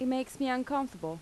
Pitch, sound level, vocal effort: 255 Hz, 85 dB SPL, normal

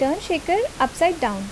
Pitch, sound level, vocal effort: 315 Hz, 80 dB SPL, normal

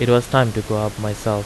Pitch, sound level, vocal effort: 110 Hz, 84 dB SPL, normal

